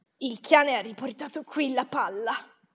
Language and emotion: Italian, disgusted